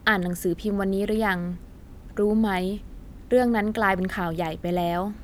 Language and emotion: Thai, neutral